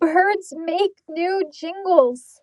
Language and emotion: English, fearful